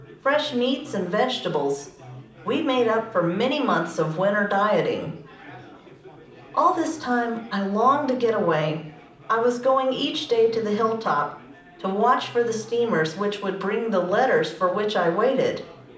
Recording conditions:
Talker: one person; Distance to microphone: 2.0 m; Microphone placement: close; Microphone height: 99 cm; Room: medium-sized (5.7 m by 4.0 m); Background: babble

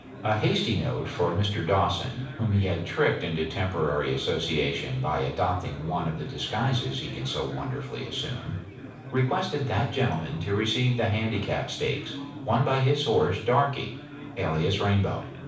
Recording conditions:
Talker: one person; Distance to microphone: 5.8 m; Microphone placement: far; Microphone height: 1.8 m; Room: medium-sized (5.7 m by 4.0 m); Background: babble

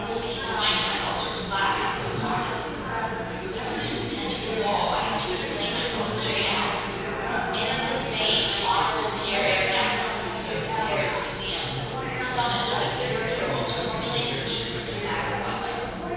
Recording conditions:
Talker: one person; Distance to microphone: 7.1 m; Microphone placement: far; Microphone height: 1.7 m; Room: very reverberant, large; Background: babble

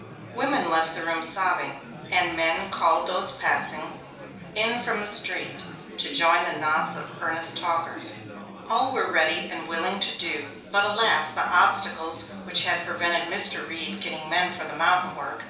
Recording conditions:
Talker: one person; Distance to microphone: 3.0 m; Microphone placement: far; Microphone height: 1.8 m; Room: small (3.7 m by 2.7 m); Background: babble

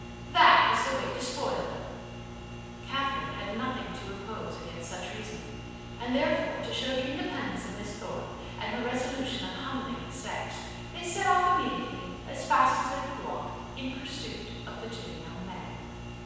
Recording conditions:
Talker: one person; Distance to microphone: 7.1 m; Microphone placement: far; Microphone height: 1.7 m; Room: very reverberant, large; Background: none

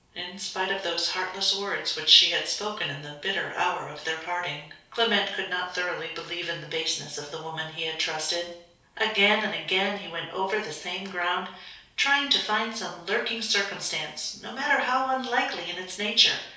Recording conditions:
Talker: one person; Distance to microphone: 3.0 m; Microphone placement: far; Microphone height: 1.8 m; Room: small (3.7 m by 2.7 m); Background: none

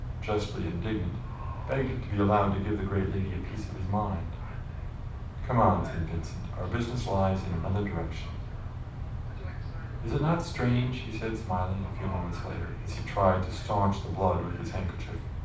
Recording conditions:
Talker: one person; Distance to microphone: 5.8 m; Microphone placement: far; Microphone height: 1.8 m; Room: medium-sized (5.7 m by 4.0 m); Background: television

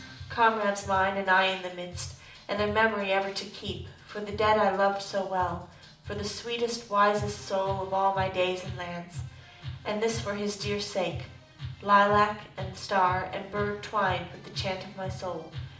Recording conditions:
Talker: one person; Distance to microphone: 2.0 m; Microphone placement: close; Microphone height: 99 cm; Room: medium-sized (5.7 m by 4.0 m); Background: music

